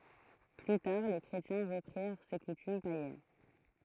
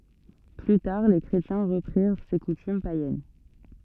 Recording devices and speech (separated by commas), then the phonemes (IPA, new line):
throat microphone, soft in-ear microphone, read sentence
ply taʁ le kʁetjɛ̃ ʁəpʁiʁ se kutym pajɛn